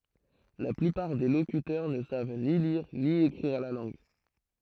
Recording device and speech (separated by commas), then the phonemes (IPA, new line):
throat microphone, read sentence
la plypaʁ de lokytœʁ nə sav ni liʁ ni ekʁiʁ la lɑ̃ɡ